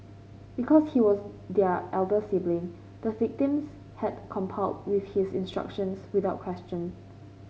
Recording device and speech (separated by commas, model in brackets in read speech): mobile phone (Samsung C5), read sentence